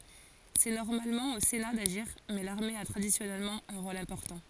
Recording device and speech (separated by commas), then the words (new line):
forehead accelerometer, read sentence
C’est normalement au Sénat d’agir mais l’armée a traditionnellement un rôle important.